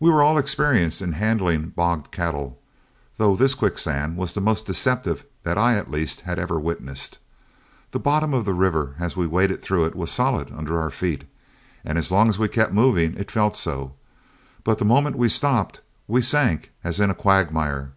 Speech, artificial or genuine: genuine